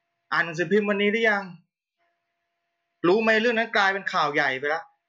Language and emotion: Thai, frustrated